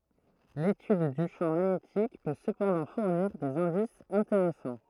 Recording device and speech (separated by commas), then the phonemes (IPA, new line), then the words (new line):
throat microphone, read sentence
letyd dy ʃɑ̃ maɲetik pø səpɑ̃dɑ̃ fuʁniʁ dez ɛ̃disz ɛ̃teʁɛsɑ̃
L'étude du champ magnétique peut cependant fournir des indices intéressants.